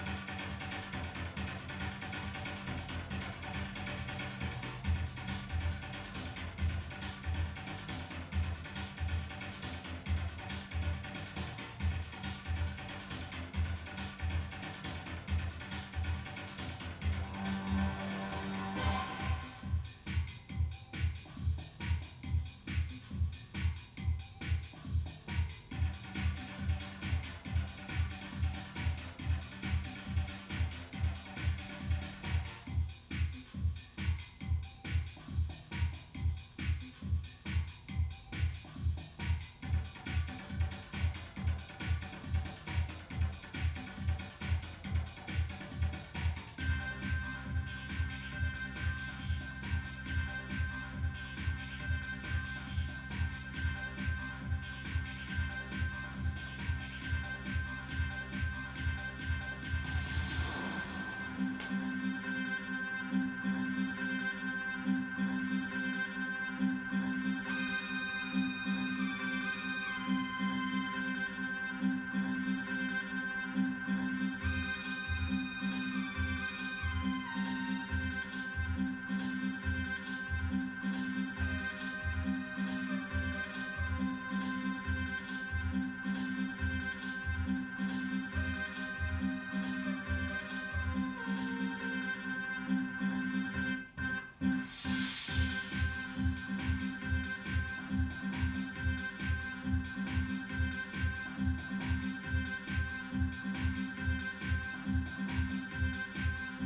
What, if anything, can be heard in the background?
Music.